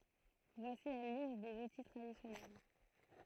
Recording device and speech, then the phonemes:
throat microphone, read sentence
vwasi la list dez uti tʁadisjɔnɛl

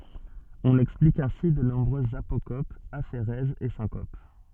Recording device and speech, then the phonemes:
soft in-ear microphone, read sentence
ɔ̃n ɛksplik ɛ̃si də nɔ̃bʁøzz apokopz afeʁɛzz e sɛ̃kop

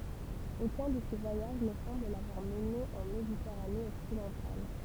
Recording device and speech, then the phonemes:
temple vibration pickup, read sentence
okœ̃ də se vwajaʒ nə sɑ̃bl lavwaʁ məne ɑ̃ meditɛʁane ɔksidɑ̃tal

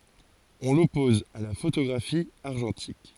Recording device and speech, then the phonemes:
forehead accelerometer, read sentence
ɔ̃ lɔpɔz a la fotoɡʁafi aʁʒɑ̃tik

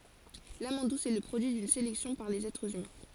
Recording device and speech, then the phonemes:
forehead accelerometer, read sentence
lamɑ̃d dus ɛ lə pʁodyi dyn selɛksjɔ̃ paʁ lez ɛtʁz ymɛ̃

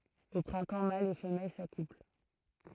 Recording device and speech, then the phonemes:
throat microphone, read sentence
o pʁɛ̃tɑ̃ malz e fəmɛl sakupl

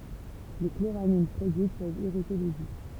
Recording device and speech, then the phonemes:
temple vibration pickup, read sentence
le kloʁamin pʁodyit pøvt iʁite lez jø

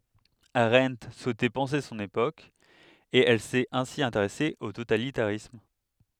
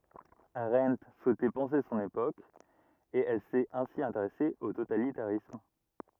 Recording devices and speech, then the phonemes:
headset microphone, rigid in-ear microphone, read sentence
aʁɑ̃t suɛtɛ pɑ̃se sɔ̃n epok e ɛl sɛt ɛ̃si ɛ̃teʁɛse o totalitaʁism

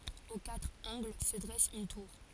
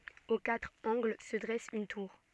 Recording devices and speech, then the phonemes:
forehead accelerometer, soft in-ear microphone, read sentence
o katʁ ɑ̃ɡl sə dʁɛs yn tuʁ

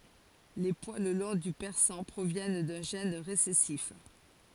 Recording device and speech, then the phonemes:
forehead accelerometer, read sentence
le pwal lɔ̃ dy pɛʁsɑ̃ pʁovjɛn dœ̃ ʒɛn ʁesɛsif

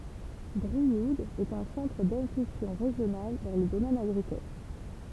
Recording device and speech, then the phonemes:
temple vibration pickup, read sentence
bʁiud ɛt œ̃ sɑ̃tʁ dɛ̃pylsjɔ̃ ʁeʒjonal dɑ̃ lə domɛn aɡʁikɔl

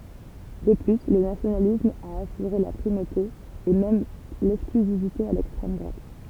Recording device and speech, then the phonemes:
temple vibration pickup, read sentence
də ply lə nasjonalism a asyʁe la pʁimote e mɛm lɛksklyzivite a lɛkstʁɛm dʁwat

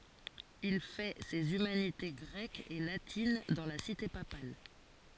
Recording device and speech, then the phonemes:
forehead accelerometer, read sentence
il fɛ sez ymanite ɡʁɛkz e latin dɑ̃ la site papal

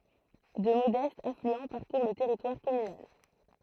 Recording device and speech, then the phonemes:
throat microphone, read sentence
dø modɛstz aflyɑ̃ paʁkuʁ lə tɛʁitwaʁ kɔmynal

